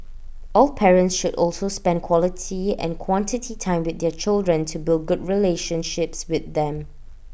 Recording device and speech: boundary microphone (BM630), read sentence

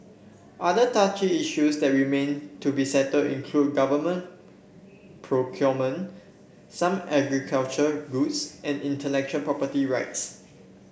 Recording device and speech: boundary microphone (BM630), read sentence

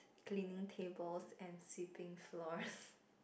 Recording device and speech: boundary microphone, conversation in the same room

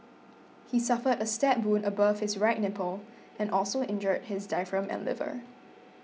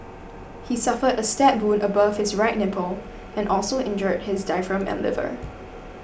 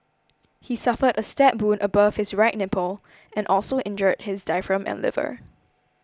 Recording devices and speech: mobile phone (iPhone 6), boundary microphone (BM630), close-talking microphone (WH20), read sentence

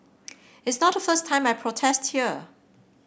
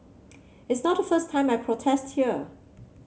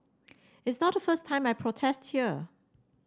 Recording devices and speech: boundary microphone (BM630), mobile phone (Samsung C7), standing microphone (AKG C214), read sentence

